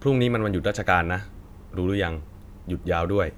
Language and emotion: Thai, neutral